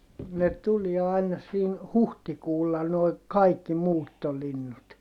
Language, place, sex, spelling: Finnish, Heinola, male, ne tuli aina siinä huhtikuulla nuo kaikki muuttolinnut
- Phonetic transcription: ne tuliɛ aina siin , huhtikuulla noi , kaikki muuttolinnut .

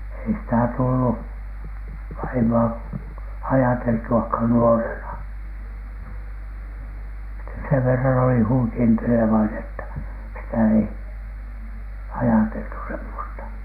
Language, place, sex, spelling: Finnish, Alatornio, male, ei sitä tullut vaimoa ajateltuakaan nuorena sitä sen verran oli huikentelevainen että sitä ei ajateltu semmoista
- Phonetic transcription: ei ‿sⁱtä 'tullu , 'vaimo₍a 'ajateltu₍akhan "nuorena , sitä sev verran oli huikentelevainen että , sitä ei , "ajateltu semmosta .

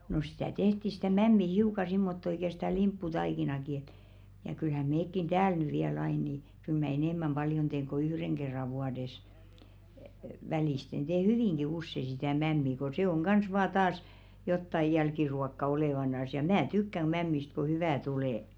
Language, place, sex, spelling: Finnish, Velkua, female, no sitä tehtiin sitä mämmiä hiukan semmottoon ikään sitä limpputaikinaakin että ja kyllähän mekin täällä nyt vielä aina niin kyllä minä enemmän paljon teen kuin yhden kerran vuodessa välillä teen hyvinkin usein sitä mämmiä kun se on kanssa vain taas jotakin jälkiruokaa olevinaan ja minä tykkään - mämmistä kun hyvää tulee
- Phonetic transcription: no sⁱtä 'tehti sɪtä "mämmi 'hiuka 'simmotto ĭkä sⁱtä "limppu'taikinaki et , ja kylhä 'meekkin "tääl ny viäl ain nì , kyl 'mä "enem̆mäm ʙaljon teeŋ ko "yhreŋ ɢerra 'vuades , 'välìsten tee "hyvìŋɢi 'usse sitä̀ 'mämmi ko 'se oŋ 'ɢans vaa taas , jottaj̆ "jälkiruokka 'olèvanas ja "mä 'tykkäŋ ɢ- 'mämmist ko 'hyvä̀ tulè .

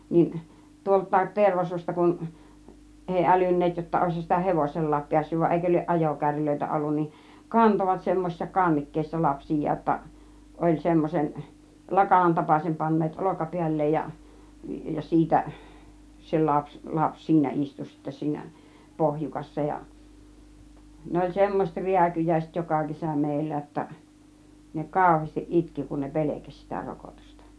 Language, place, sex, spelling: Finnish, Kiihtelysvaara, female, niin tuoltakin Tervasuosta kun ei älynneet jotta olisihan sitä hevosellakin päässyt vaan eikö lie ajokärryjä ollut niin kantoivat semmoisissa kannikkeissa lapsiaan jotta oli semmoisen lakanan tapaisen panneet olkapäälleen ja ja siitä se lapsi lapsi siinä istui sitten siinä pohjukassa ja ne oli semmoiset rääkyjäiset joka kesä meillä jotta ne kauheasti itki kun ne pelkäsi sitä rokotusta
- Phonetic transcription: 'niin , tuolt̆tàet 'Tervasuosta kun , 'ˀèi "älyn̆neet jotta 'òishan sitä "hevosel̀laap 'piässyv va 'ˀèikö lieˀ "ˀajokärrylöitä 'ollun nin̬ , "kantovat semmosissa "kannikkeissa 'lapsij̆jaa ‿°tta , 'oĺ 'semmosen , 'lakanan 'tapàsem panneet "olokapi̬äl̆leej ja , ja "siitä , se 'laps , 'laps "siinä 'istu sittä 'siinä , "pohjukassa ja , ne oĺ "semmoset "riäkyjäiset "joka 'kesä 'mèillä ‿°tta͕ , ne "kàuheestiˀ "ˀitki kun ne "pḛlekäś sitä 'rokotusta .

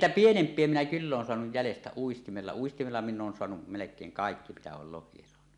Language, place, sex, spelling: Finnish, Suomussalmi, male, niin niitä pienempiä minä kyllä olen saanut jäljestä uistimella uistimella minä olen saanut melkein kaikki mitä olen lohia saanut
- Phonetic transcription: niin 'niitä 'pienemp̀ie minä "kyll ‿oon soanuj jälestä 'uistimella 'uistimella minⁿ ‿’oon soanuˀ , "melek̀eeŋ "kàekki mitä ool 'loh̆hie soanu .

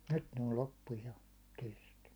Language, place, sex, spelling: Finnish, Hollola, male, nyt ne on loppu jo kesken
- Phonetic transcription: 'nyt ne ol 'loppu jo , keske .

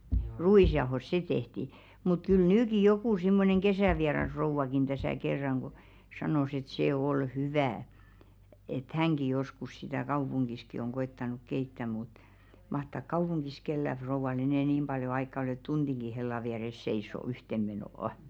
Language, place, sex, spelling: Finnish, Velkua, female, ruisjauhossa se tehtiin mutta kyllä nytkin joku semmoinen kesävierasrouvakin tässä kerran kun sanoi että se oli hyvää että hänkin joskus sitä kaupungissakin on koettanut keittää mutta mahtaako kaupungissa kenelläkään rouvalla enää niin paljon aikaa olla että tunninkin hellan vieressä seisoo yhteen menoon
- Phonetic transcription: 'ru₍ìsjaohos se 'tehti , mut kyl "nyyki 'jokù simmoneŋ 'kesäviarasrouvakin täsä̀ 'kerraŋ ɢo , 'sanòs et 'se 'ol "hyvää , et "häŋɢi joskus sitä̀ 'kaupuŋɢiski oŋ 'ɢo₍ettanuk "keittä mut , mahtàk "kaupuŋɢis 'kellä frouval enɛ̀ "nim 'ʙaljo aikka ‿ŏl ‿et "tunᴅiŋɢi 'hella viäres seis̆so 'yhteᵐ menò₍ᵒ .

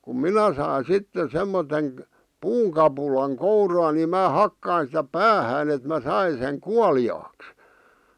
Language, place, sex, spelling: Finnish, Vihti, male, kun minä sain sitten semmoisen puunkapulan kouraani minä hakkasin sitä päähän että minä sain sen kuoliaaksi
- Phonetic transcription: kum "minä sain̬ "sitte "semmoteŋ̳ , "puuŋkapulaŋ 'kouraani mää 'hakkain sⁱtä "päähään ‿et mä̬ "sain seŋ "kuali₍aaks .

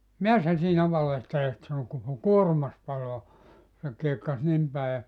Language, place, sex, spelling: Finnish, Joutsa, male, mitä sinä siinä valehtelet sanoi koko kuormasi palaa se kiekkasi niin päin ja
- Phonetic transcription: » "mi₍äs sä siinä 'valehtelet « sano » koko "kuorᵘmas 'paloa « , se 'kiekkas "nim pä̀i ja ,.

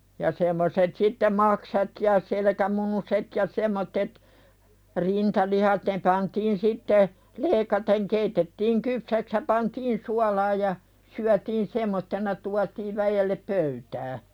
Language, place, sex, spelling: Finnish, Pälkäne, female, ja semmoiset sitten maksat ja selkämunuset ja semmoiset rintalihat ne pantiin sitten leikaten keitettiin kypsäksi ja pantiin suolaan ja syötiin semmoisena tuotiin väelle pöytään
- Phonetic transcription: ja semmoset sitte 'maksat ja selekä"munuset ja 'sem̆mottet , 'rintalihat ne pantiin "sitte , 'leeⁱkateŋ keitettiiŋ "kypsäks ja pantiin "sualaj ja , syätiin "semmottena tuatiiv 'väjellep "pöytää .

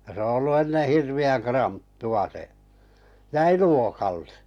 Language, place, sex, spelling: Finnish, Kalajoki, male, ja se on ollut ennen hirveän kranttua se jäi luokalle
- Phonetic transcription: ja se o ollu 'enne 'hirvi₍äŋ 'kranttu₍a se , 'jäi "luokalle .

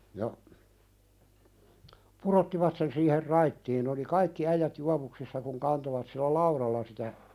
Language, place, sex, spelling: Finnish, Pälkäne, male, ja pudottivat sen siihen raittiin ne oli kaikki äijät juovuksissa kun kantoivat sillä laudalla sitä
- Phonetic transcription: ja , "purottivat sen siiher 'raittiin n ‿oli "kaikki äijät 'juavuksissa kuŋ 'kantovat sillä "lauðalla sitä ,.

